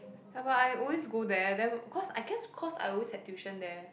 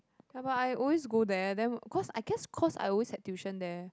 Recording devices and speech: boundary microphone, close-talking microphone, conversation in the same room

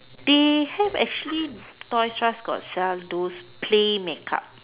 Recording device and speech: telephone, conversation in separate rooms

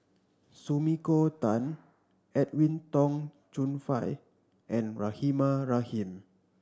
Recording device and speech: standing microphone (AKG C214), read sentence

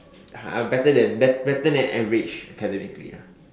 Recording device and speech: standing microphone, conversation in separate rooms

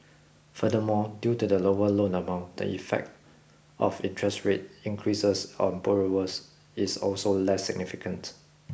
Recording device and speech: boundary microphone (BM630), read sentence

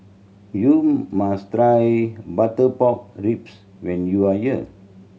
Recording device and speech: mobile phone (Samsung C7100), read sentence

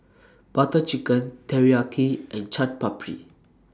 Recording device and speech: standing microphone (AKG C214), read sentence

